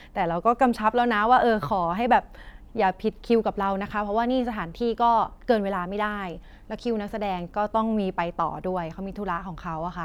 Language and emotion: Thai, neutral